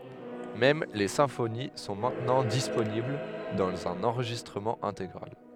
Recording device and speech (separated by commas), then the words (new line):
headset microphone, read sentence
Même les symphonies sont maintenant disponibles dans un enregistrement intégral.